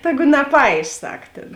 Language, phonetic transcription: Lithuanian, ˈtegu naˈpaiš ˈsak ˈtėn

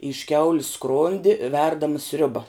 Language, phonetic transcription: Lithuanian, iš ˈkiaulis ˈskrondi ˈverdama ˈsriuba

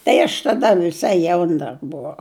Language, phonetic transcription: Lithuanian, tai aš taˈda viˈsai ˈjaun dar buˈvau

